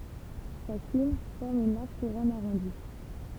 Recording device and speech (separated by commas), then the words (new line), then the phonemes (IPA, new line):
temple vibration pickup, read sentence
Sa cime forme une large couronne arrondie.
sa sim fɔʁm yn laʁʒ kuʁɔn aʁɔ̃di